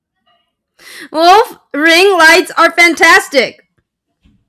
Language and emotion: English, sad